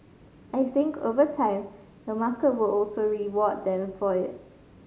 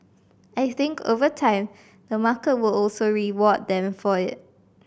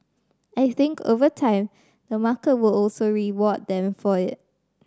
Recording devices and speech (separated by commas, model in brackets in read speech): mobile phone (Samsung C5010), boundary microphone (BM630), standing microphone (AKG C214), read sentence